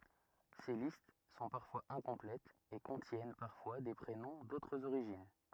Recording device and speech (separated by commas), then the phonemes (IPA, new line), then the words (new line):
rigid in-ear microphone, read sentence
se list sɔ̃ paʁfwaz ɛ̃kɔ̃plɛtz e kɔ̃tjɛn paʁfwa de pʁenɔ̃ dotʁz oʁiʒin
Ces listes sont parfois incomplètes, et contiennent parfois des prénoms d'autres origines.